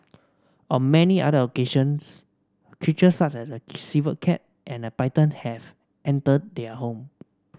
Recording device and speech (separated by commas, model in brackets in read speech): standing microphone (AKG C214), read sentence